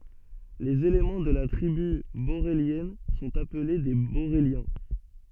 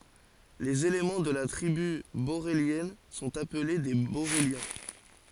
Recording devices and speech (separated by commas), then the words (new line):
soft in-ear microphone, forehead accelerometer, read sentence
Les éléments de la tribu borélienne sont appelés des boréliens.